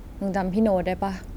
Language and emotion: Thai, neutral